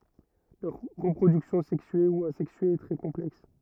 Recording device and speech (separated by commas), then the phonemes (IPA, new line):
rigid in-ear microphone, read sentence
lœʁ ʁəpʁodyksjɔ̃ sɛksye u azɛksye ɛ tʁɛ kɔ̃plɛks